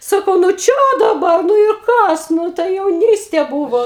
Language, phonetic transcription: Lithuanian, ˈsakau nu ˈčia daˈbar nu ir ˈkas ˈnu tai jauˈnystė ˈbūvo

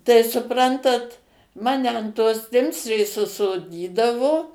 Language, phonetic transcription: Lithuanian, tai suˈprantat ˈmane an tos ˈtimsrės užsoˈdydavo

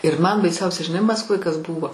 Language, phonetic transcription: Lithuanian, ir man baiˈsiausia žiˈnai maskˈvoj kas ˈbūvo

